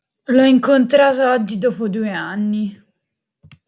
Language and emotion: Italian, disgusted